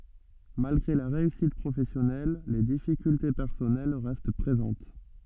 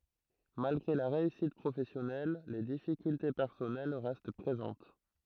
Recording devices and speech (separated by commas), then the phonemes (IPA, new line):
soft in-ear microphone, throat microphone, read sentence
malɡʁe la ʁeysit pʁofɛsjɔnɛl le difikylte pɛʁsɔnɛl ʁɛst pʁezɑ̃t